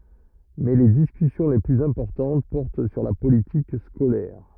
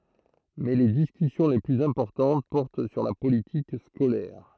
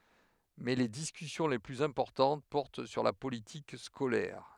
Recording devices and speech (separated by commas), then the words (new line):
rigid in-ear microphone, throat microphone, headset microphone, read sentence
Mais les discussions les plus importantes portent sur la politique scolaire.